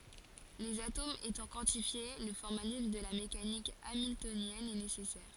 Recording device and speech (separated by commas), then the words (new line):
forehead accelerometer, read sentence
Les atomes étant quantifiés, le formalisme de la mécanique hamiltonienne est nécessaire.